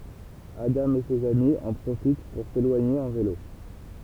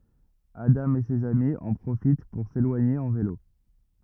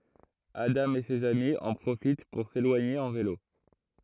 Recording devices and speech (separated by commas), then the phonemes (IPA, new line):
temple vibration pickup, rigid in-ear microphone, throat microphone, read sentence
adɑ̃ e sez ami ɑ̃ pʁofit puʁ selwaɲe ɑ̃ velo